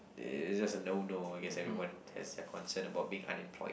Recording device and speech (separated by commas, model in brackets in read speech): boundary microphone, conversation in the same room